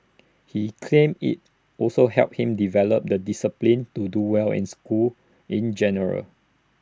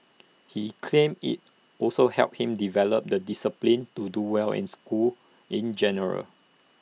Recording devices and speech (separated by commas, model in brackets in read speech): standing microphone (AKG C214), mobile phone (iPhone 6), read sentence